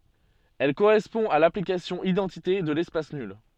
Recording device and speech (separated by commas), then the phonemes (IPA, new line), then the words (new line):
soft in-ear microphone, read sentence
ɛl koʁɛspɔ̃ a laplikasjɔ̃ idɑ̃tite də lɛspas nyl
Elle correspond à l'application identité de l'espace nul.